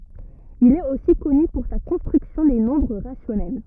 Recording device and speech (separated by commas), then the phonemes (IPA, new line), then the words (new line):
rigid in-ear microphone, read sentence
il ɛt osi kɔny puʁ sa kɔ̃stʁyksjɔ̃ de nɔ̃bʁ ʁasjɔnɛl
Il est aussi connu pour sa construction des nombres rationnels.